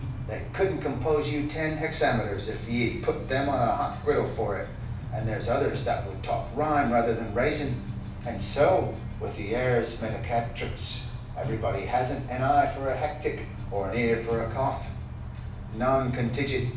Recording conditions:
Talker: one person; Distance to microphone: 5.8 m; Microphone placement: far; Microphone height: 1.8 m; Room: medium-sized (5.7 m by 4.0 m); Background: music

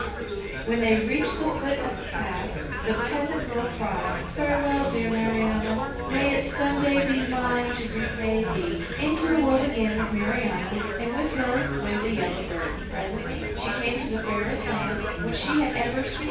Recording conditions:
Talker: one person; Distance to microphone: 9.8 m; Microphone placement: far; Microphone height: 1.8 m; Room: large; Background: babble

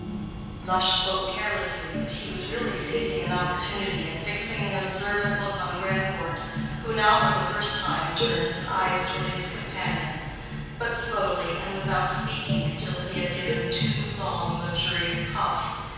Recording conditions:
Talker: one person; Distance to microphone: 7.1 m; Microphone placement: far; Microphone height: 1.7 m; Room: very reverberant, large; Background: music

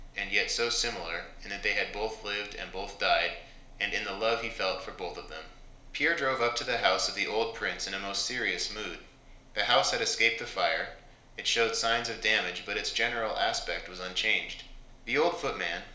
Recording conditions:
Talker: one person; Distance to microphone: 1.0 m; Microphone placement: close; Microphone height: 1.1 m; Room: small (3.7 m by 2.7 m); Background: none

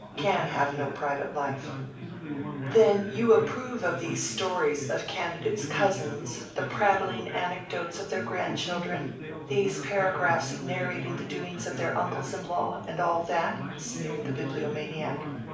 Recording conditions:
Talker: one person; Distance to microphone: 5.8 m; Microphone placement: far; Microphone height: 1.8 m; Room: medium-sized (5.7 m by 4.0 m); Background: babble

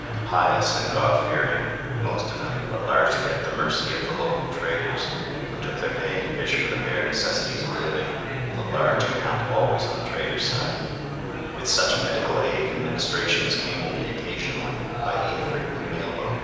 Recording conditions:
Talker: one person; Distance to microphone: 7.1 m; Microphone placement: far; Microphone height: 1.7 m; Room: very reverberant, large; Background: babble

